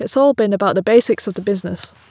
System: none